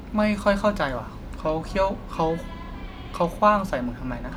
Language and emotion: Thai, neutral